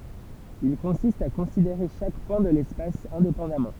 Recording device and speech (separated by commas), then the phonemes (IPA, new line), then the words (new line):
temple vibration pickup, read sentence
il kɔ̃sist a kɔ̃sideʁe ʃak pwɛ̃ də lɛspas ɛ̃depɑ̃damɑ̃
Il consiste à considérer chaque point de l'espace indépendamment.